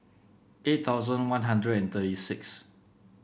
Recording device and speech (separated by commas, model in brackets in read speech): boundary microphone (BM630), read sentence